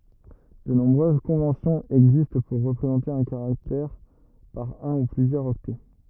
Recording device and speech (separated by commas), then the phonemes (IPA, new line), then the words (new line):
rigid in-ear microphone, read sentence
də nɔ̃bʁøz kɔ̃vɑ̃sjɔ̃z ɛɡzist puʁ ʁəpʁezɑ̃te œ̃ kaʁaktɛʁ paʁ œ̃ u plyzjœʁz ɔktɛ
De nombreuses conventions existent pour représenter un caractère par un ou plusieurs octets.